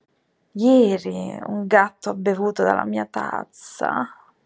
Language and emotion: Italian, disgusted